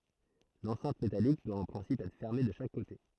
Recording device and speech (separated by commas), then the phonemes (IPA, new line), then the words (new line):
throat microphone, read sentence
lɑ̃sɛ̃t metalik dwa ɑ̃ pʁɛ̃sip ɛtʁ fɛʁme də ʃak kote
L’enceinte métallique doit en principe être fermée de chaque côté.